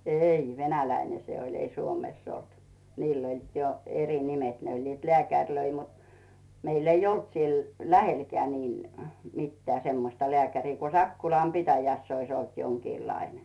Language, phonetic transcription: Finnish, 'ei , "venäläine 'se oĺ , ei 'Suomèss ‿olt , 'niil ‿oĺ jo eri 'nimet 'ne oĺ "leä̀käŕlöi mut , 'meil ‿eij ‿"olt siel 'lähelkᵉä niin , 'mittää semmosta 'lᵉä̀kärii ku 'Sakkulam "pitäjäss ‿ois ‿olt 'joŋkiilaine .
- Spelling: ei venäläinen se oli ei Suomessa ollut niillä oli jo eri nimet ne oli lääkäreitä mutta meillä ei ollut siellä lähelläkään niin mitään semmoista lääkäriä kun Sakkolan pitäjässä olisi ollut jonkinlainen

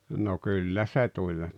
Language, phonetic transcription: Finnish, no 'kyllä se 'tuĺ .
- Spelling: no kyllä se tuli

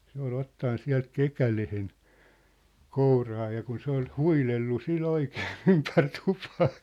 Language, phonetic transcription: Finnish, 'se ‿ol 'ottan 'siä̭lt "kekälehen , 'kouraa ja kun 'se ‿ol "huilellu 'si"l ‿oikee 'ympär 'tᴜpᴀᴀ .
- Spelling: se oli ottanut sieltä kekäleen kouraan ja kun se oli huidellut sillä oikein ympäri tupaa

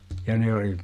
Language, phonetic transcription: Finnish, ja ne oli ,.
- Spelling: ja ne oli

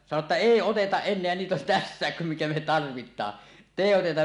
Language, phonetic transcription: Finnish, sano ‿tta » "èi 'otetaˀ 'ˀen̆neä niit ‿on "tässä̀ek kum mikä me 'tarvit̆taa , [et]tèi oteta « .
- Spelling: sanoi että ei oteta enää niitä on tässäkin kun mikä me tarvitaan että ei oteta

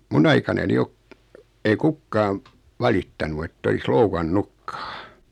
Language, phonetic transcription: Finnish, 'mun ‿aikanani ok , 'ei 'kukkaaᵐ , 'valittanu et't ‿olis "loukan"nukkᴀᴀ .
- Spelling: minun aikanani ole ei kukaan valittanut että olisi loukannutkaan

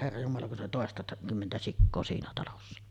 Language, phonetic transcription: Finnish, herra jumala kun 'siin ‿oli "tòesta- , -'kymmentä 'sikkoo siinä talossa .
- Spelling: herra jumala kun siinä oli - toistakymmentä sikaa siinä talossa

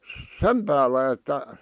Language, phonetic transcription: Finnish, sem päällä että ,.
- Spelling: sen päällä että

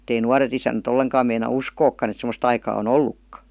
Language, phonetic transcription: Finnish, ett ‿ei 'nuaret isänä't ‿olleŋkaam meina "uskookkan ‿et sem°st aikaa o"n ‿ollukka .
- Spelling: että ei nuoret isännät ollenkaan meinaa uskoakaan että semmoista aikaa on ollutkaan

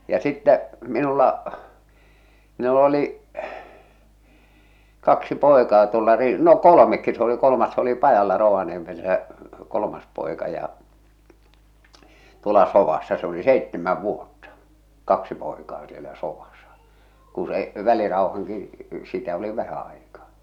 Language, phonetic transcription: Finnish, ja 'sittä , 'minulla , 'minul ‿oli’ , 'kaksi 'pòekaa tuolla ri- , no "kolomekki s ‿oli 'kolomas s ‿oli 'pajalla Rovaniemel- -sä , 'kolomas pòeka ja , tuola 'sovassa se ‿oli "seittemäv "vuotta , "kaksi poekaa sielä 'sovasᴀ , ku se , 'väliraohaŋki , sitä oli 'vähä aikaa .
- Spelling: ja sitten minulla minulla oli kaksi poikaa tuolla - no kolmekin se oli kolmas se oli pajalla - Rovaniemessä kolmas poika ja tuolla sodassa se oli seitsemän vuotta kaksi poikaa siellä sodassa kun se välirauhankin sitä oli vähän aikaa

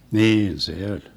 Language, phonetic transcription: Finnish, "niin 'se oĺ .
- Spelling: niin se oli

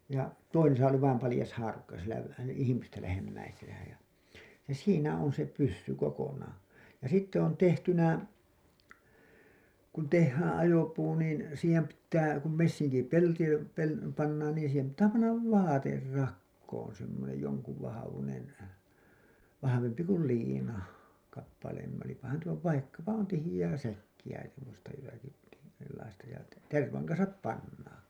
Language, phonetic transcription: Finnish, ja , toisesa oli vaim palĭjas haarukka sielä lä- , 'ihimistä lähemmäisenä ja , ja "siinä on se 'pyssy 'kokonaa , ja 'sitte on tehtynä , kun tehhään ajopuu niin , siihem pittää , kum 'messiŋki'pelti pel- , pannaan niin siihem pittää pannav "vaater 'rakkoon semmonej joŋkuv vahavunen , vahavempi kul 'liina , kappaleem§ , olipahan tuo vaikkapa on 'tihiʲää "säkkiʲä semmosta jotaki , sellaista , ja , "tervaŋ kansap 'pannaan̬ .
- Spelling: ja toisessa oli vain paljas haarukka siellä - ihmistä lähemmäisenä ja ja siinä on se pyssy kokonaan ja sitten on tehtynä kun tehdään ajopuu niin siihen pitää kun messinkipelti - pannaan niin siihen pitää panna vaate rakoon semmoinen jonkun vahvuinen vahvempi kuin liina kappaleen olipahan tuo vaikkapa on tiheää säkkiä semmoista jotakin sellaista ja tervan kanssa pannaan

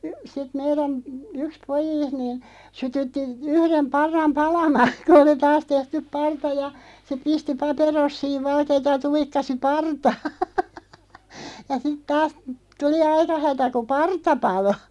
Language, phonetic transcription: Finnish, sit 'meirän , "yks 'pojiist niin , 'sytytti , 'yhrem 'parram "palamaan̬ , ku oli 'taas 'tehtyᵖ "parta ja , se 'pisti 'paperossiiv 'valkeeta ja 'tuikkasi "partaaɴ , ja sit 'taas , 'tuli "aika 'hätä ku "parta 'palo .
- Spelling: sitten meidän yksi pojista niin sytytti yhden parran palamaan kun oli taas tehty parta ja se pisti paperossiin valkeata ja tuikkasi partaan ja sitten taas tuli aika hätä kun parta paloi

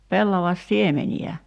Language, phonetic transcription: Finnish, 'pellavas"siemeni₍ä .
- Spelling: pellavansiemeniä

